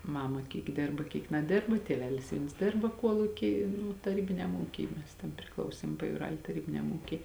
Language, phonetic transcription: Lithuanian, ˈmama ˈkyk ˈdėrba ˈkyk naˈdėrba tieˈvelis ˈviens ˈdėrba ˈkuoluky ˈnu taˈrybiniam ˈūky ˈmes ten priˈklausėm pajūˈral' taˈrybiniam ˈūky

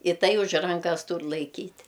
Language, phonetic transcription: Lithuanian, i ˈtai už ˈrankas ˈtūr laiˈkyt'

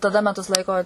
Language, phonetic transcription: Lithuanian, taˈda meˈtus ˈlaiko

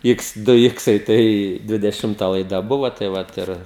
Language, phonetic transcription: Lithuanian, ˈiks ˈdu ˈiksai ˈtai dvideˈšimta laiˈda ˈbuvo tai ˈvat ir

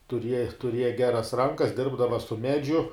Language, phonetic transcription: Lithuanian, tuˈriej tuˈrieja ˈgeras ˈrankas ˈdirbdava su ˈmedžiu

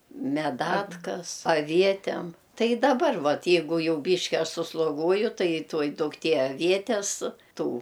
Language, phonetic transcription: Lithuanian, meˈdatkas aˈvietem ˈtai i daˈbar ˈvat ˈjeigu ˈjau ˈbyški ˈaš susloˈguoju tai ˈtuoj dukˈtie aˈvietes ˈtų

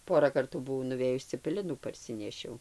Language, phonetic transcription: Lithuanian, ˈpora ˈkartų buˈvau nuˈvėjus cepeˈlinų parˈsinešiau

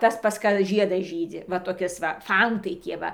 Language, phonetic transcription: Lithuanian, ˈtas pas ˈka ˈžiedas ˈžydzi va toˈkis va ˈfantai ˈtie ˈva

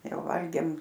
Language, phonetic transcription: Lithuanian, ˈjau ˈvalgėm

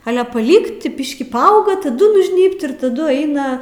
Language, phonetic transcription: Lithuanian, ˈale paˈlykt ˈbiškį paˈauga taˈdu nužˈnybt ir taˈdu ˈeina

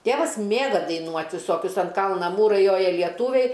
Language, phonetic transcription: Lithuanian, ˈtėvas ˈmėga daiˈnuot' viˈsokius an ˈkalna ˈmūrai ˈjoja lieˈtūviai

